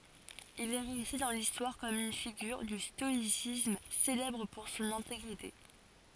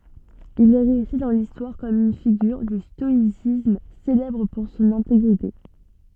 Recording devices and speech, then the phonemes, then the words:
forehead accelerometer, soft in-ear microphone, read sentence
il ɛ ʁɛste dɑ̃ listwaʁ kɔm yn fiɡyʁ dy stɔisism selɛbʁ puʁ sɔ̃n ɛ̃teɡʁite
Il est resté dans l'histoire comme une figure du stoïcisme, célèbre pour son intégrité.

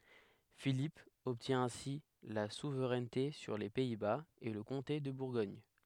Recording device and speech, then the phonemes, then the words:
headset microphone, read sentence
filip ɔbtjɛ̃ ɛ̃si la suvʁɛnte syʁ le pɛi baz e lə kɔ̃te də buʁɡɔɲ
Philippe obtient ainsi la souveraineté sur les Pays-Bas et le comté de Bourgogne.

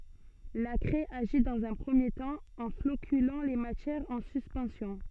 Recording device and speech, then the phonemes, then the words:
soft in-ear microphone, read sentence
la kʁɛ aʒi dɑ̃z œ̃ pʁəmje tɑ̃ ɑ̃ flokylɑ̃ le matjɛʁz ɑ̃ syspɑ̃sjɔ̃
La craie agit dans un premier temps, en floculant les matières en suspension.

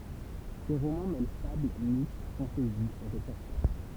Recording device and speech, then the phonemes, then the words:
temple vibration pickup, read sentence
se ʁomɑ̃ mɛl fabl mit fɑ̃tɛzi e ʁəpɔʁtaʒ
Ses romans mêlent fable, mythe, fantaisie et reportage.

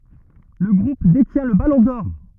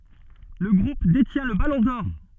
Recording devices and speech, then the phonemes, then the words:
rigid in-ear microphone, soft in-ear microphone, read sentence
lə ɡʁup detjɛ̃ lə balɔ̃ dɔʁ
Le Groupe détient le Ballon d'or.

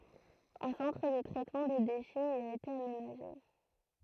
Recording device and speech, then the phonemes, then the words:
throat microphone, read sentence
œ̃ sɑ̃tʁ də tʁɛtmɑ̃ de deʃɛz i a ete amenaʒe
Un centre de traitement des déchets y a été aménagé.

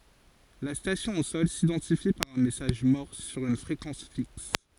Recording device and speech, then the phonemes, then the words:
forehead accelerometer, read sentence
la stasjɔ̃ o sɔl sidɑ̃tifi paʁ œ̃ mɛsaʒ mɔʁs syʁ yn fʁekɑ̃s fiks
La station au sol s'identifie par un message morse sur une fréquence fixe.

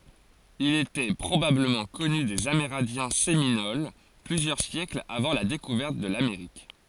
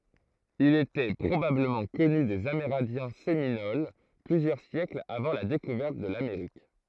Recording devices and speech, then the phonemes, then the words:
forehead accelerometer, throat microphone, read sentence
il etɛ pʁobabləmɑ̃ kɔny dez ameʁɛ̃djɛ̃ seminol plyzjœʁ sjɛklz avɑ̃ la dekuvɛʁt də lameʁik
Il était probablement connu des Amérindiens Séminoles plusieurs siècles avant la découverte de l'Amérique.

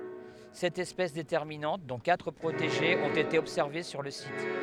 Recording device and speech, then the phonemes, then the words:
headset microphone, read sentence
sɛt ɛspɛs detɛʁminɑ̃t dɔ̃ katʁ pʁoteʒez ɔ̃t ete ɔbsɛʁve syʁ lə sit
Sept espèces déterminantes, dont quatre protégées, ont été observées sur le site.

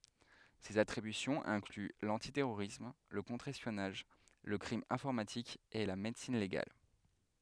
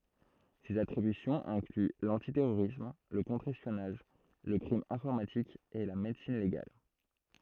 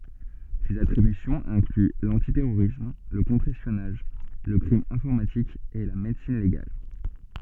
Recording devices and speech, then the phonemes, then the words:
headset microphone, throat microphone, soft in-ear microphone, read sentence
sez atʁibysjɔ̃z ɛ̃kly lɑ̃titɛʁoʁism lə kɔ̃tʁ ɛspjɔnaʒ lə kʁim ɛ̃fɔʁmatik e la medəsin leɡal
Ses attributions incluent l'antiterrorisme, le contre-espionnage, le crime informatique et la médecine légale.

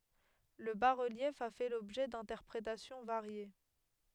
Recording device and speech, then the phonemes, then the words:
headset microphone, read sentence
lə basʁəljɛf a fɛ lɔbʒɛ dɛ̃tɛʁpʁetasjɔ̃ vaʁje
Le bas-relief a fait l'objet d'interprétations variées.

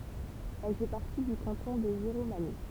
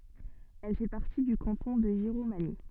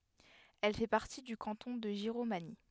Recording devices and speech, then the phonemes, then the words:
temple vibration pickup, soft in-ear microphone, headset microphone, read sentence
ɛl fɛ paʁti dy kɑ̃tɔ̃ də ʒiʁomaɲi
Elle fait partie du canton de Giromagny.

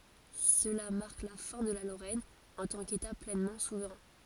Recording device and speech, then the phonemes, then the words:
forehead accelerometer, read sentence
səla maʁk la fɛ̃ də la loʁɛn ɑ̃ tɑ̃ keta plɛnmɑ̃ suvʁɛ̃
Cela marque la fin de la Lorraine en tant qu'État pleinement souverain.

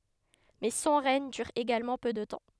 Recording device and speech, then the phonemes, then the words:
headset microphone, read sentence
mɛ sɔ̃ ʁɛɲ dyʁ eɡalmɑ̃ pø də tɑ̃
Mais son règne dure également peu de temps.

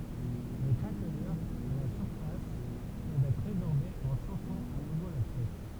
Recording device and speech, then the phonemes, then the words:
temple vibration pickup, read sentence
le kʁaklyʁz a la syʁfas pøvt ɛtʁ ʁezɔʁbez ɑ̃ ʃofɑ̃ a nuvo la pjɛs
Les craquelures à la surface peuvent être résorbées en chauffant à nouveau la pièce.

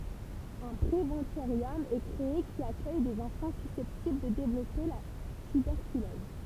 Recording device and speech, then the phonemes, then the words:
temple vibration pickup, read sentence
œ̃ pʁevɑ̃toʁjɔm ɛ kʁee ki akœj dez ɑ̃fɑ̃ sysɛptibl də devlɔpe la tybɛʁkylɔz
Un préventorium est créé, qui accueille des enfants susceptibles de développer la tuberculose.

